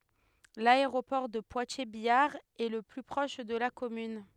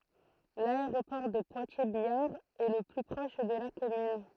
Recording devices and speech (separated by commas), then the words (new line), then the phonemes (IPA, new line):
headset microphone, throat microphone, read sentence
L'aéroport de Poitiers-Biard est le plus proche de la commune.
laeʁopɔʁ də pwatjɛʁzbjaʁ ɛ lə ply pʁɔʃ də la kɔmyn